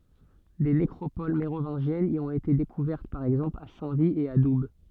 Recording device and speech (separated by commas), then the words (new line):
soft in-ear microphone, read sentence
Des nécropoles mérovingiennes y ont été découvertes par exemple à Saint-Vit et à Doubs.